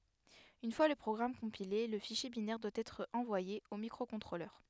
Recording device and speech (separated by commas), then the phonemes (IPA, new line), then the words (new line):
headset microphone, read sentence
yn fwa lə pʁɔɡʁam kɔ̃pile lə fiʃje binɛʁ dwa ɛtʁ ɑ̃vwaje o mikʁokɔ̃tʁolœʁ
Une fois le programme compilé, le fichier binaire doit être envoyé au microcontrôleur.